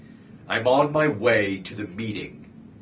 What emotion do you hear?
angry